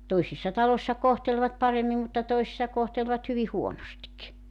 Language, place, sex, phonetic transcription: Finnish, Joutsa, female, 'toisissa 'talośsa 'kohtelvat 'paremmim mutta 'toisⁱssa 'kohtelvat hyvi "huonostik .
- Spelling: toisissa taloissa kohtelivat paremmin mutta toisissa kohtelivat hyvin huonosti

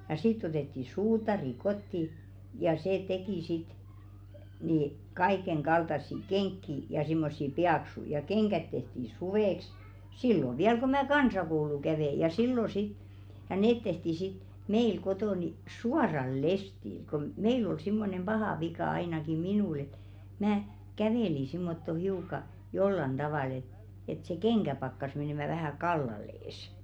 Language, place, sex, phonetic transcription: Finnish, Velkua, female, ja 'sitt ‿otetti "suutari 'kotti , ja 'see 'tekì sit , ni 'kaikeŋɢaltassi "keŋkki , ja simmossi "piaksuⁱ , ja 'keŋɢät tehti "suvèks , 'sillo 'viäl ko 'mä "kansakoulu 'kävè ja 'sillo sit , ja "neet tehti sit , 'meil 'kotò ni , "suaraì 'lestil kom , 'meil ‿ol simmonem "ʙahà 'vika ainaki 'minùl ‿et , mää , 'kävèli simmotto hiuka , "jollan 'ᴅavàl et , et se "keŋkä pakkas menèmä vähä "kallal̆lees .
- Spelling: ja sitten otettiin suutari kotiin ja se teki sitten niin kaikenkaltaisia kenkiä ja semmoisia paksuja ja kengät tehtiin suveksi silloin vielä kun minä kansakoulua kävin ja silloin sitten ja ne tehtiin sitten meillä kotona niin suoralla lestillä kun meillä oli semmoinen paha vika ainakin minulla että minä kävelin semmottoon hiukan jollakin tavalla että että se kenkä pakkasi menemään vähän kallelleen

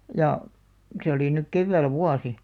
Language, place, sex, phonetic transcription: Finnish, Alastaro, female, 'ja , se oli nuk 'kevvä̀l "vuasi .
- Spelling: ja se oli nyt keväällä vuosi

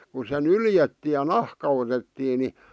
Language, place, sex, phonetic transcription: Finnish, Vihti, male, ku se "nyljettii ʲᵃ "nahka otettii ni .
- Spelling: kun se nyljettiin ja nahka otettiin niin

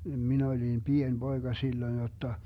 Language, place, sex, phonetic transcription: Finnish, Vermlanti, male, 'min ‿olim "pien 'BoeGa 'silloⁱn jotta , se 'oĺ jo niv 'vanha jotta .
- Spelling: minä olin pieni poika silloin jotta se oli jo niin vanha jotta

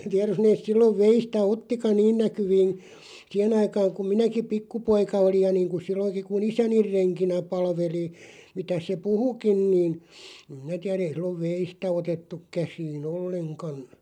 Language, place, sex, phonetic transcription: Finnish, Loppi, male, 'tiär jos neeˢ 'sillov "veistä 'ottika "niin näkyviin̬ , "siihen ‿aikaaŋ kum 'minäki "pikkupoika olij ja 'niiŋkun̬ 'silloŋki ku"n ‿isäniʳ 'reŋkinä 'palveli , 'mitäs se "puhukin 'niin̬ , (em) 'minä tiä'r ‿ei sillov "veistä 'otettuk 'käsii"n ‿olleŋkan .
- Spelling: tiedä jos ne silloin veistä ottikaan niin näkyviin siihen aikaan kun minäkin pikkupoika olin ja niin kuin silloinkin kun isäni renkinä palveli mitäs se puhuikin niin en minä tiedä ei silloin veistä otettu käsiin ollenkaan

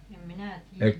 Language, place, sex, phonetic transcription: Finnish, Paavola, female, 'em "minä 'tii₍ä .
- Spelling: en minä tiedä

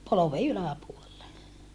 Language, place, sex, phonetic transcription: Finnish, Saarijärvi, female, polove ylä̀puolele .
- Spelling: polven yläpuolelle

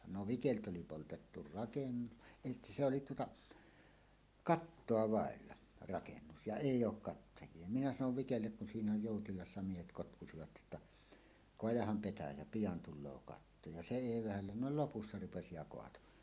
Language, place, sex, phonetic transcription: Finnish, Suomussalmi, male, no 'Vikelt ‿oli 'poltettu "rakennu- , èi se oli tuota , "kattoa "vàella , 'rakennus ja "èij̆j ‿ook 'kattaj̀ie minä sanov 'Vikellek kun siinä "jòutilassa 'miehet 'kotkusivat jotta , » "koajaham 'petäjä "pijan "tul̆loo 'katto « ja se 'èi 'vähällä no "lopussa 'rupesi ja "koato .
- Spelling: no Vikeltä oli poltettu rakennus ei se oli tuota kattoa vailla rakennus ja ei ollut kattajia minä sanoin Vikelle kun siinä joutilaat miehet kotkusivat jotta kaadahan petäjä pian tulee katto ja se ei vähällä no lopussa rupesi ja kaatoi

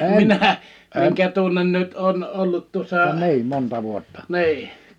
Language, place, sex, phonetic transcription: Finnish, Liperi, male, minä , miŋkä 'tunnen 'nyt oon 'ollut tuᵒssà , 'ni̬i .
- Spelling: minä minkä tunnen nyt olen ollut tuossa niin

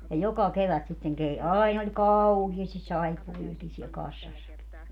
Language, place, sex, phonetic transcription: Finnish, Padasjoki, female, ja 'joka 'kevät sitteŋ kei - 'ain ‿oĺ "kauhiastis 'saippuvi₍akin siɛl 'kassassaki .
- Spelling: ja joka kevät sitten - aina oli kauheasti saippuoitakin siellä kassassakin

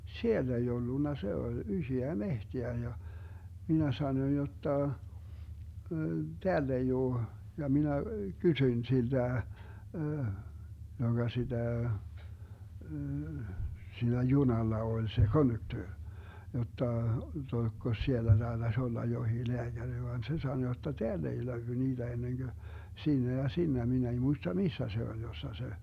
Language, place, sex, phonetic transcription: Finnish, Vermlanti, male, "siell ‿ei 'ollunna , 'se oĺ 'ysöä "mehteä ja , "minä 'sanoⁱn jotta , » 'teäll ‿ei 'oo » , ja 'minä , 'kysyⁱn 'silDä , 'joGa 'siDä , 'siinä "junalla 'oĺ se "konduktöör , 'jotta , (jotta) » 'oeskos siellä DaeDas olla johii 'leäGäŕ » van 'se sano jotta » "teäll ‿ei 'löywy 'niiDä 'enneŋGö , 'siinä ja 'siinä » 'min ‿ei 'muista "missä 'se oĺ 'jossa se ,.
- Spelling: siellä ei ollut se oli isoa metsää ja minä sanoin jotta täällä ei ole ja minä kysyin siltä joka sitä siinä junalla oli se konduktööri jotta - olisikos siellä taitaisi olla jokin lääkäri vaan se sanoi jotta täällä ei löydy niitä ennen kuin siinä ja siinä minä ei muista missä se oli jossa se

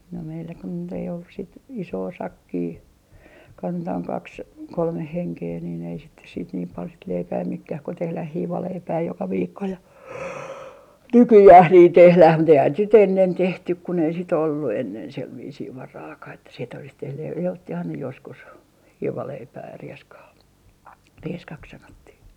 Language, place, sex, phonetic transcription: Finnish, Artjärvi, female, no meillä kun nyt ‿ei ollus sit , "isoo 'sakkii , 'kantaaŋ "kaks , 'kolmeh 'heŋkee niin ‿ei sitte siit niim 'pal sit leipää 'mekkäh ko 'tehläh "hiivaleipää 'joka 'viikko ja "nykyjääh niih 'tehläh mut ‿eihän sit 'ennen 'tehtyk kun ‿ei sit ‿ollu ennen 'sev 'viisii 'varaakah että sit ‿olis tehnyj ja ottihan ne joskus , 'hiivaleipää ja 'rieskaa , 'rieskak 'sanottih .
- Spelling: no meillä kun nyt ei ollut sitten isoa sakkia kantamaan kaksi kolme henkeä niin ei sitten sitten niin paljon sitten leipää menekään kun tehdään hiivaleipää joka viikko ja nykyään niin tehdään mutta eihän sitten ennen tehty kun ei sitten ollut ennen sen viisiin varaakaan että sitten olisi tehnyt ja ottihan ne joskus hiivaleipää ja rieskaa rieskaksi sanottiin

